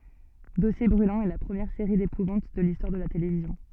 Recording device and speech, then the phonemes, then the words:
soft in-ear microphone, read sentence
dɔsje bʁylɑ̃z ɛ la pʁəmjɛʁ seʁi depuvɑ̃t də listwaʁ də la televizjɔ̃
Dossiers Brûlants est la première série d'épouvante de l'histoire de la télévision.

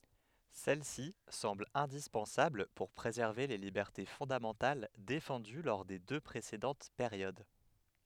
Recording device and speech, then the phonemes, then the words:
headset microphone, read sentence
sɛl si sɑ̃bl ɛ̃dispɑ̃sabl puʁ pʁezɛʁve le libɛʁte fɔ̃damɑ̃tal defɑ̃dy lɔʁ de dø pʁesedɑ̃t peʁjod
Celle-ci semble indispensable pour préserver les libertés fondamentales défendues lors des deux précédentes périodes.

